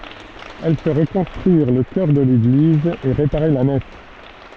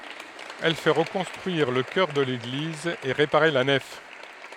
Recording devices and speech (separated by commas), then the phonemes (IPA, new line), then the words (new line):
soft in-ear microphone, headset microphone, read sentence
ɛl fɛ ʁəkɔ̃stʁyiʁ lə kœʁ də leɡliz e ʁepaʁe la nɛf
Elle fait reconstruire le chœur de l'église et réparer la nef.